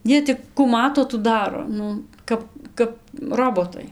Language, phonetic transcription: Lithuanian, ˈjie tik ku ˈmato tų ˈdaro ˈnu ˈkap kap ˈrobotai

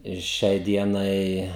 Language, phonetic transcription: Lithuanian, ir ˈšiai ˈdienai

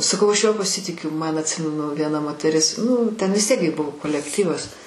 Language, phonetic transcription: Lithuanian, saˈkau ˈaš ˈjuo paˈsitikiu ˈman atˈsimenu vieˈna moteˈris ˈnu ten ˈvis tiek gi ˈbuvo kolekˈtyvas

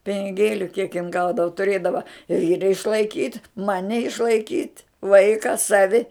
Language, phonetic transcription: Lithuanian, piniˈgėliu kiek jin ˈgaudava tuˈrėdava ˈvyra išlaiˈkyt' ˈmani išlaiˈkyt' ˈvaika ˈsavi

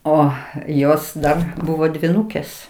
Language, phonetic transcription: Lithuanian, ˈo ˈjos ˈdar ˈbuvo dvyˈnūkės

